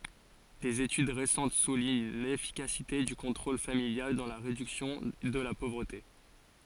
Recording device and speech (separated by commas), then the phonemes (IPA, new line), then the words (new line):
forehead accelerometer, read sentence
dez etyd ʁesɑ̃t suliɲ lefikasite dy kɔ̃tʁol familjal dɑ̃ la ʁedyksjɔ̃ də la povʁəte
Des études récentes soulignent l’efficacité du contrôle familial dans la réduction de la pauvreté.